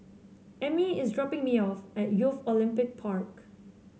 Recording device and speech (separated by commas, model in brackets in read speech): mobile phone (Samsung C7), read sentence